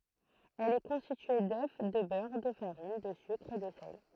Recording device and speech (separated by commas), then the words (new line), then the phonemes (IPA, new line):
throat microphone, read sentence
Elle est constituée d'œufs, de beurre, de farine, de sucre et de sel.
ɛl ɛ kɔ̃stitye dø də bœʁ də faʁin də sykʁ e də sɛl